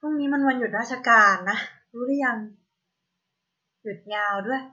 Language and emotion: Thai, neutral